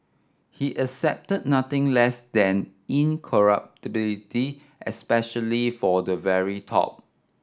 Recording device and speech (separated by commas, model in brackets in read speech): standing microphone (AKG C214), read sentence